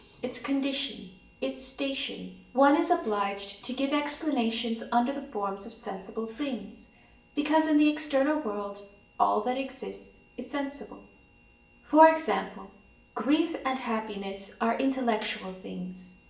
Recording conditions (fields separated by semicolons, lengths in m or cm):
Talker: one person; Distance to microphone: 1.8 m; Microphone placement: close; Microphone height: 1.0 m; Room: large; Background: television